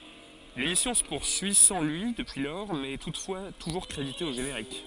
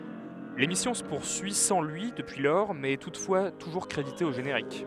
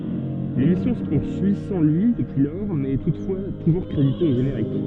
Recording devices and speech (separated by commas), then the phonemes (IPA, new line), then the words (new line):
forehead accelerometer, headset microphone, soft in-ear microphone, read sentence
lemisjɔ̃ sə puʁsyi sɑ̃ lyi dəpyi lɔʁ mɛz ɛ tutfwa tuʒuʁ kʁedite o ʒeneʁik
L'émission se poursuit sans lui depuis lors mais est toutefois toujours crédité au générique.